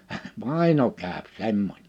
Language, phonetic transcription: Finnish, » "vàino käöp 'semmoń . «
- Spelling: vaino käy semmoinen

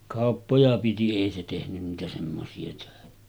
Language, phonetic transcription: Finnish, 'kàoppoja piti 'èi se tehnyn niitä semmosi₍a tᴏ̈ᴇᴛᴀ̈ .
- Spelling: kauppoja piti ei se tehnyt niitä semmoisia töitä

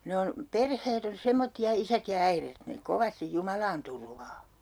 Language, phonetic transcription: Finnish, 'ne on , 'perheet ‿on "semmotti₍a 'isät ja 'äiret , ne 'kovastij "Jumalaan turvaa .
- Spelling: ne on perheet on semmoisia isät ja äidit ne kovasti Jumalaan turvaa

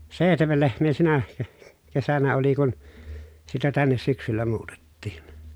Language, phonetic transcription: Finnish, sèihtemel lehm̀ee sinä ke- , kesänä oli kun , sitä tännes syksyllä muutettiin .
- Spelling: seitsemän lehmää sinä - kesänä oli kun sitä tänne syksyllä muutettiin

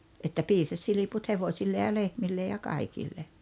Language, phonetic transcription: Finnish, että 'piisas 'siliput 'hevośille ja 'lehmille ja 'kaikille .
- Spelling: että piisasi silput hevosille ja lehmille ja kaikille

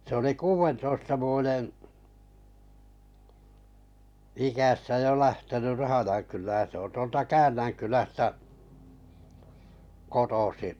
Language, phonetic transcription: Finnish, se oli "kuuventoista 'vuojen , ikässä jo 'lähtenyʳ 'Rahajaŋ kylän se on 'tuolta "Kän̆näŋkylästä kotosi’ .
- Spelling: se oli kuudentoista vuoden iässä jo lähtenyt Rahjankylään se on tuolta Käännänkylästä kotoisin

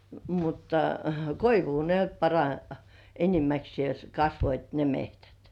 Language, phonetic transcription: Finnish, mutta "koivuu ne nyt para- , 'enimäksĭès 'kasvoit ne 'mehtät .
- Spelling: mutta koivua ne nyt - enimmäkseen kasvoivat ne metsät

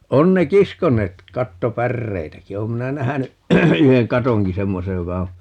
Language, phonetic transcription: Finnish, 'on ne "kiskoǹeet , 'katto"pärreitäki - 'oom minä 'nähäny , 'yheŋ "katoŋki "semmosej joka o ,.
- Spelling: on ne kiskoneet kattopäreitäkin olen minä nähnyt yhden katonkin semmoisen joka on

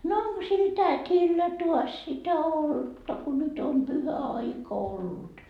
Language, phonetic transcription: Finnish, » no 'oŋko sil 'tät́illä tuas sitä "oltta ku nyt om 'pyhä₍aika ollut ? »
- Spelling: no onko sillä tädillä taas sitä olutta kun nyt on pyhäaika ollut

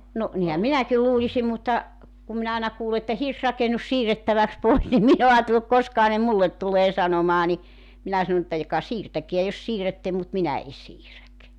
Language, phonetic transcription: Finnish, no , 'nihäm "minäkil 'luulisim mutta , kum minä 'àena kuule että » "hirsrakenus "siirrettäväks "pois « nim 'min ‿o 'aatelluk 'koskaha ne "mullet tulee 'sanomaa ni , 'minä sanᵒ ᵉttä joka "siirtäkeä jos 'siirätte mut "minä 'e 'siiräk .
- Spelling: no niinhän minäkin luulisin mutta kun minä aina kuulen että hirsirakennus siirrettäväksi pois niin minä olen ajatellut koskahan ne minulle tulee sanomaan niin minä sanon että joka siirtäkää jos siirrätte mutta minä en siirrä

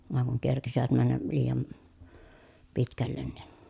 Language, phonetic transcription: Finnish, vàeŋ kuŋ kerkisivät männä , liijan , pitkällen niN .
- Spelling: vain kun kerkisivät mennä liian pitkälle niin

